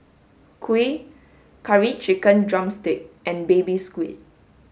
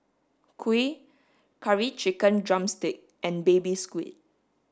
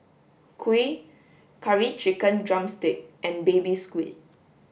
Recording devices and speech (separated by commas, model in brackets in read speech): mobile phone (Samsung S8), standing microphone (AKG C214), boundary microphone (BM630), read sentence